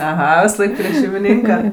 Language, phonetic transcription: Lithuanian, aˈha visaˈlaik prie šeimiˈnynka

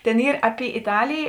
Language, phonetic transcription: Lithuanian, ˈtėn ˈyr ˈaˌpi iˈtalėjė

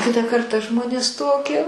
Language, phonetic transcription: Lithuanian, ˈkitą ˈkartą ˈžmonės ˈtokie

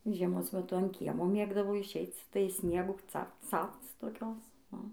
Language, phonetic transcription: Lithuanian, žieˈmos meˈtu an ˈkiemo ˈmėgdavo išˈeic tai ˈsniegų ˈcapc ˈcapc toˈkios u

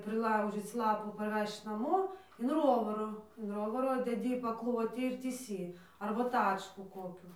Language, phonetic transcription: Lithuanian, priˈlaužyc ˈlapų parˈvežč ˈnamo in ˈrovaro in ˈrovaro deˈdy paˈklotį ir tįˈsy arba ˈtačkų ˈkokių

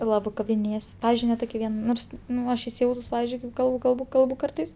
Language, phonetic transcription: Lithuanian, ˈlabɜ kabiˈnėjas ˈpavizdžiui ne ˈtoki ˈvien ˈnors ˈnu ˈaš isiˈjautus ˈpavizdžiui kaip ˈkalbu ˈkalbu ˈkalbu ˈkartais

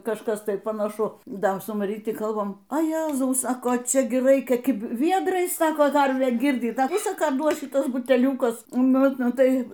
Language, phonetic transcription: Lithuanian, kažˈkas ˈtai panaˈšu ˈda su maˈryti ˈkalbam a ˈjezau ˈsako ˈčia ˈgi ˈraikia kiˈbi ˈviedrais ˈsako ˈkarvę ˈgirdyt ˈda ˈvisa ˈką ˈduos šiˈtuos buteˈliūkus ˈnu ˈnu ˈtai

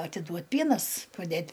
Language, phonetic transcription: Lithuanian, atiˈduot' ˈpienas paˈdėt'

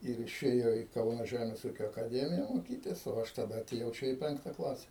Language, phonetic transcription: Lithuanian, ir išˈėjo į ˈkauna ˈžæmės ˈūkio akaˈdemija moˈkytis o ˈaš taˈda atėˈjau ˈčia į ˈpenkta ˈklase

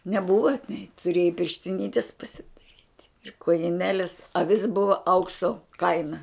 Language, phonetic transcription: Lithuanian, neˈbuva nei tuˈrėjai pirštiˈnitis pasidaˈryt' ir kojiˈnelis aˈvis ˈbuva ˈaukso ˈkaina

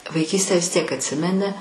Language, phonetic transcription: Lithuanian, vaiˈkystę vis tiek atˈsimeni

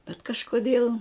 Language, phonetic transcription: Lithuanian, bet kažkoˈdėl

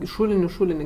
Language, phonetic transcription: Lithuanian, i ˈšūliniu ˈšūlini

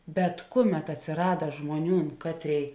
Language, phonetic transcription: Lithuanian, bet ˈkuˌmet atsiˈrada ˈžmuoˌniūn ˈkatˌrėi

